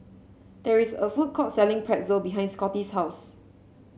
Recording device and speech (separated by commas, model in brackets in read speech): mobile phone (Samsung C7), read sentence